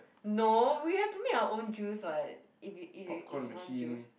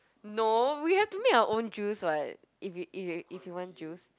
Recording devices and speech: boundary microphone, close-talking microphone, conversation in the same room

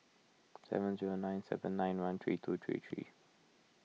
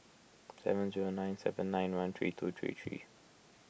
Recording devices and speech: mobile phone (iPhone 6), boundary microphone (BM630), read sentence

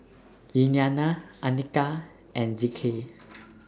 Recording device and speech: standing microphone (AKG C214), read sentence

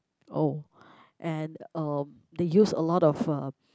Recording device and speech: close-talking microphone, conversation in the same room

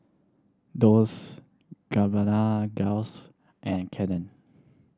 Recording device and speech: standing microphone (AKG C214), read sentence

